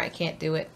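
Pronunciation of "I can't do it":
In 'I can't do it', the t at the end of 'can't' is not heard before 'do'. The t is not really released.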